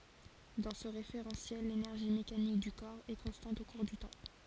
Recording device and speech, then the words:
forehead accelerometer, read sentence
Dans ce référentiel l'énergie mécanique du corps est constante au cours du temps.

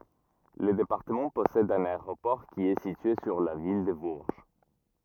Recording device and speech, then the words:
rigid in-ear microphone, read sentence
Le département possède un aéroport qui est situé sur la ville de Bourges.

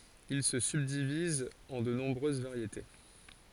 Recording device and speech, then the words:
forehead accelerometer, read sentence
Il se subdivise en de nombreuses variétés.

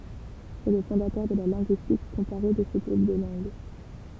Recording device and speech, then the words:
temple vibration pickup, read sentence
C'est le fondateur de la linguistique comparée de ce groupe de langues.

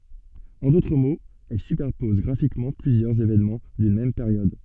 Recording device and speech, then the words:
soft in-ear microphone, read sentence
En d’autres mots, elle superpose graphiquement plusieurs événements d’une même période.

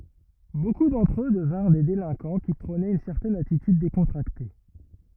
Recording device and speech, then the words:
rigid in-ear microphone, read sentence
Beaucoup d’entre eux devinrent des délinquants qui prônaient une certaine attitude décontractée.

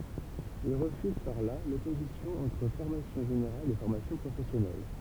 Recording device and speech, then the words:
temple vibration pickup, read sentence
Il refuse par là l’opposition entre formation générale et formation professionnelle.

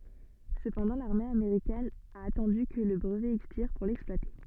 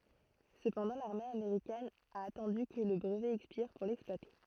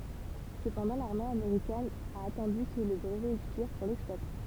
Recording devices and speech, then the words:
soft in-ear microphone, throat microphone, temple vibration pickup, read sentence
Cependant, l'armée américaine a attendu que le brevet expire pour l'exploiter.

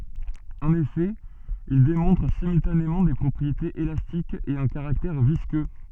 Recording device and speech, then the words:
soft in-ear microphone, read sentence
En effet, ils démontrent simultanément des propriétés élastiques et un caractère visqueux.

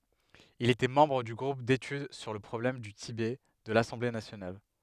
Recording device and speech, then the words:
headset microphone, read sentence
Il était membre du groupe d'études sur le problème du Tibet de l'Assemblée nationale.

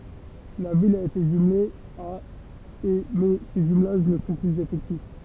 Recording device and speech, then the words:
temple vibration pickup, read sentence
La ville a été jumelée à et mais ces jumelages ne sont plus effectifs.

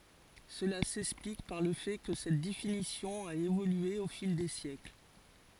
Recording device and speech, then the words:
forehead accelerometer, read sentence
Cela s'explique par le fait que cette définition a évolué au fil des siècles.

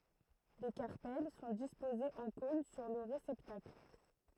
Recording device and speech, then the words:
throat microphone, read sentence
Les carpelles sont disposés en cône sur le réceptacle.

